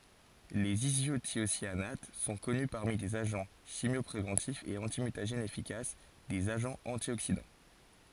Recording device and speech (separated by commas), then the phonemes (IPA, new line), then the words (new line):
forehead accelerometer, read sentence
lez izotjosjanat sɔ̃ kɔny paʁmi dez aʒɑ̃ ʃimjɔpʁevɑ̃tifz e ɑ̃timytaʒɛnz efikas dez aʒɑ̃z ɑ̃tjoksidɑ̃
Les isothiocyanates sont connus parmi des agents chimiopréventifs et antimutagènes efficaces, des agents antioxydants.